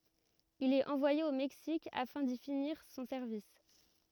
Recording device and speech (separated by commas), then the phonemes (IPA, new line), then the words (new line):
rigid in-ear microphone, read sentence
il ɛt ɑ̃vwaje o mɛksik afɛ̃ di finiʁ sɔ̃ sɛʁvis
Il est envoyé au Mexique afin d’y finir son service.